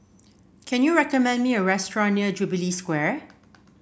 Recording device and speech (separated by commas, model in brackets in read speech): boundary microphone (BM630), read sentence